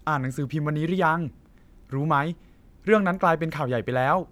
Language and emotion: Thai, neutral